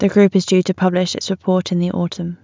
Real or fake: real